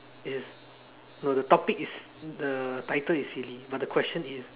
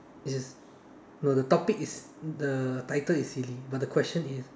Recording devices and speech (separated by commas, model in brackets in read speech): telephone, standing microphone, conversation in separate rooms